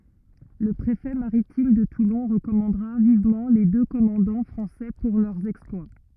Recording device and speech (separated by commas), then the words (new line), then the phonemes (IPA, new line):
rigid in-ear microphone, read sentence
Le préfet maritime de Toulon recommandera vivement les deux commandants français pour leur exploit.
lə pʁefɛ maʁitim də tulɔ̃ ʁəkɔmɑ̃dʁa vivmɑ̃ le dø kɔmɑ̃dɑ̃ fʁɑ̃sɛ puʁ lœʁ ɛksplwa